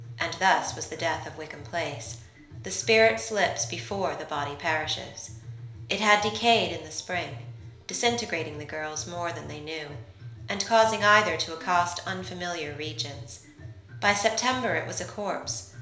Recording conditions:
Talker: one person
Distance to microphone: 1.0 m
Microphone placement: close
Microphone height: 1.1 m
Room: small (3.7 m by 2.7 m)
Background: music

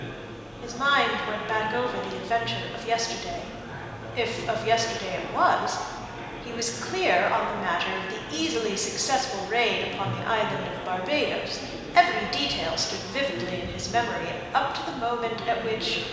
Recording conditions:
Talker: one person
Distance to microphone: 1.7 m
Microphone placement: close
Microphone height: 1.0 m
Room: very reverberant, large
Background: babble

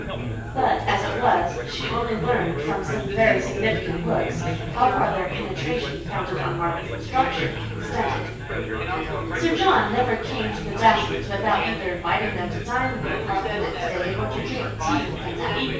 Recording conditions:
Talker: one person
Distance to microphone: 9.8 m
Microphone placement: far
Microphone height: 1.8 m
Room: large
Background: babble

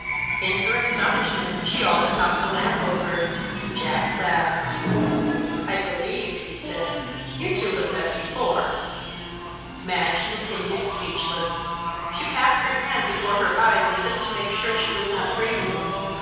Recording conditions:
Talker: one person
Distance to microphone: 7.1 m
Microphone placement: far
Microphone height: 1.7 m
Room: very reverberant, large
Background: television

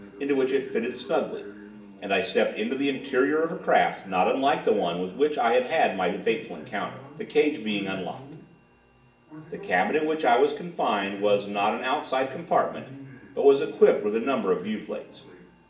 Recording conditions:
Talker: one person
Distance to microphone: 1.8 m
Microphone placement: close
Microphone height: 1.0 m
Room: large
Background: television

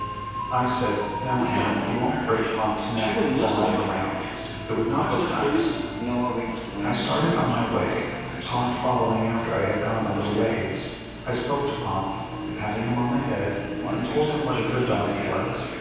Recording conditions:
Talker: one person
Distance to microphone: 7.1 m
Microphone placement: far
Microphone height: 1.7 m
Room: very reverberant, large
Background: television

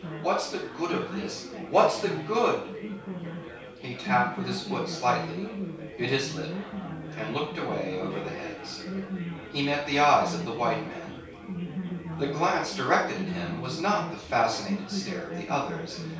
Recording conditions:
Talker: one person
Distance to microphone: 3.0 m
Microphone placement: far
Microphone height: 1.8 m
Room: small (3.7 m by 2.7 m)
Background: babble

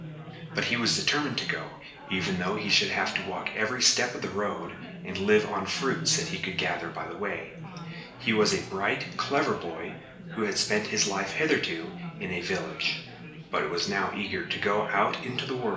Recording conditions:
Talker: one person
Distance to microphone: 1.8 m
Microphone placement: close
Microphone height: 1.0 m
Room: large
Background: babble

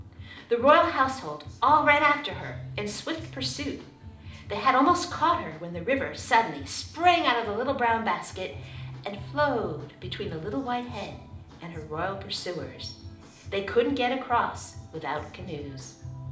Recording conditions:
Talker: one person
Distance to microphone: 2.0 m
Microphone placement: close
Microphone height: 99 cm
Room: medium-sized (5.7 m by 4.0 m)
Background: music

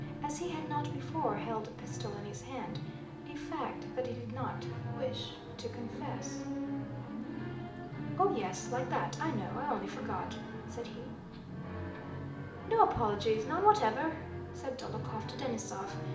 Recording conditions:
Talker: one person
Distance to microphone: 2.0 m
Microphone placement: close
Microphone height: 99 cm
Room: medium-sized (5.7 m by 4.0 m)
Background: television

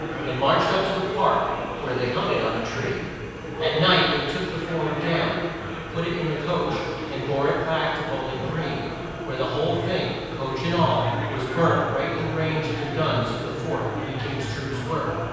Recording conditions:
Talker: one person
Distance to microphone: 7.1 m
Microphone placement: far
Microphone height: 1.7 m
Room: very reverberant, large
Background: babble

